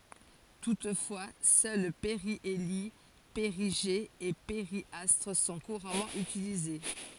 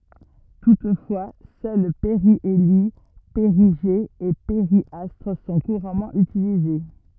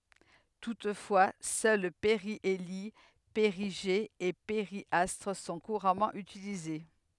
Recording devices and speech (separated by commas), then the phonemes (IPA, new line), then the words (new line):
forehead accelerometer, rigid in-ear microphone, headset microphone, read sentence
tutfwa sœl peʁjeli peʁiʒe e peʁjastʁ sɔ̃ kuʁamɑ̃ ytilize
Toutefois, seuls périhélie, périgée et périastre sont couramment utilisés.